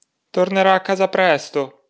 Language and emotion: Italian, sad